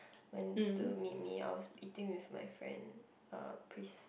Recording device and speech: boundary microphone, conversation in the same room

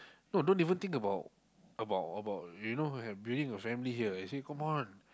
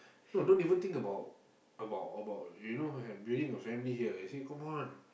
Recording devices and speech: close-talking microphone, boundary microphone, conversation in the same room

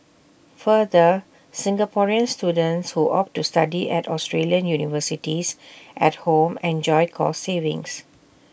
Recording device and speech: boundary microphone (BM630), read sentence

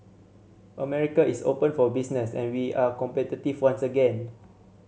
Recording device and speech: mobile phone (Samsung C7100), read sentence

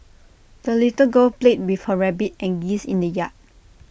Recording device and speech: boundary microphone (BM630), read sentence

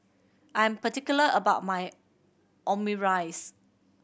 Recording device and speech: boundary microphone (BM630), read sentence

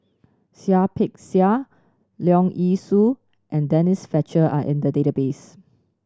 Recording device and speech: standing microphone (AKG C214), read sentence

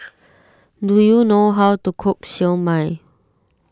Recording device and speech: standing microphone (AKG C214), read sentence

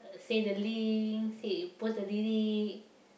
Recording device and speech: boundary microphone, conversation in the same room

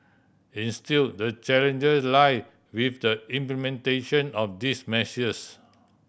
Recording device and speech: boundary microphone (BM630), read sentence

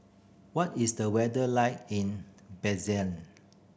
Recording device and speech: boundary microphone (BM630), read sentence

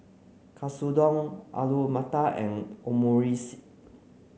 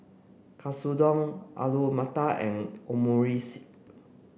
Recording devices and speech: mobile phone (Samsung C9), boundary microphone (BM630), read sentence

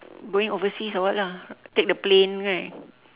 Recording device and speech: telephone, conversation in separate rooms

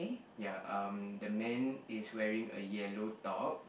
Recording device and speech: boundary microphone, conversation in the same room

